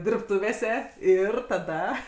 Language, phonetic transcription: Lithuanian, dirbˈtuvėse ˈir taˈda

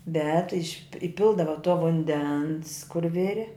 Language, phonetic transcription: Lithuanian, bet iš' iˈpildava to vunˈdens kur ˈviri

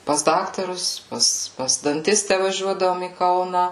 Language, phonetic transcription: Lithuanian, pas ˈdaktarus ˈpas pas danˈtistę vaˈžiuodavom į ˈkauna

